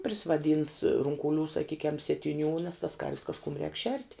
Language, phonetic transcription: Lithuanian, prisivaˈdyns runkuˈlių saˈkykiam sietiˈnių nes tas karv's kažˈkum rēk šert'

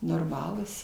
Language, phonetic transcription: Lithuanian, norˈmalūs

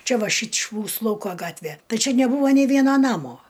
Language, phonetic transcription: Lithuanian, ˈčia ˈva ˈšyč' ˈmūsu ˈlauko ˈgatve ˈtai ˈčia neˈbūvo nei ˈviena ˈnamo

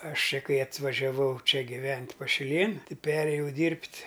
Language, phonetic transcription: Lithuanian, ˈaš ˈčia ˈkai atvažiaˈvau ˈčia giˈvent' pašiˈlėn ˈti ˈperėjau ˈdyrbt'

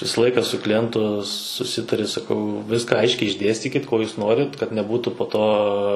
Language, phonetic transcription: Lithuanian, ˈvisa ˈlaika su kliˈjentu suˈsitari saˈkau ˈviska ˈaiškiai išˈdėstykit ko ˈjūs ˈnorit kad neˈbūtu po ˈto

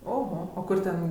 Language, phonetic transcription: Lithuanian, oho o ˈkur ˈten

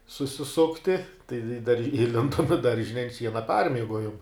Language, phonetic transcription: Lithuanian, susiˈsukti tai i dar iˈlindom i ˈdaržine i ant ˈšiena ˈparmiegojom

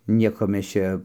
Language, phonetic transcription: Lithuanian, ˈnieko ˈmes ˈčia

